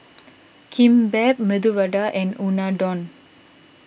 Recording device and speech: boundary microphone (BM630), read sentence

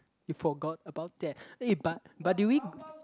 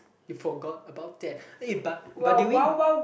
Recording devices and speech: close-talking microphone, boundary microphone, conversation in the same room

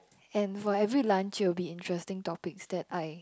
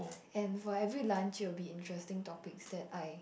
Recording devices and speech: close-talking microphone, boundary microphone, conversation in the same room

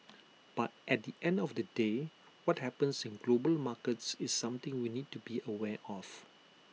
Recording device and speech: mobile phone (iPhone 6), read sentence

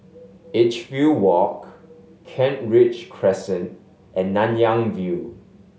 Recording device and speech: mobile phone (Samsung S8), read sentence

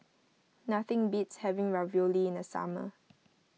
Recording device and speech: mobile phone (iPhone 6), read sentence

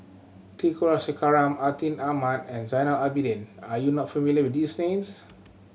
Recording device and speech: mobile phone (Samsung C7100), read sentence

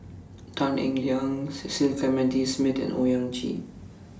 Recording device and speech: standing microphone (AKG C214), read sentence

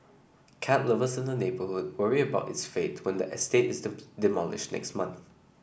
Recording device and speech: boundary microphone (BM630), read sentence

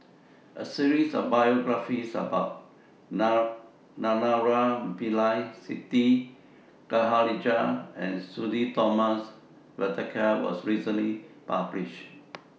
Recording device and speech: mobile phone (iPhone 6), read sentence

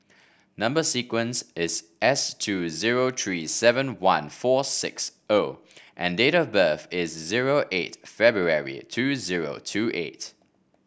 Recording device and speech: boundary microphone (BM630), read sentence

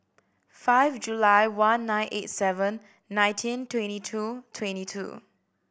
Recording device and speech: boundary microphone (BM630), read sentence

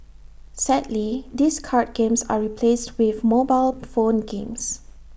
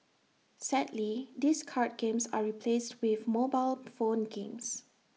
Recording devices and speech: boundary microphone (BM630), mobile phone (iPhone 6), read sentence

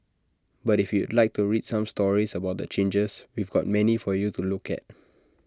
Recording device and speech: standing microphone (AKG C214), read sentence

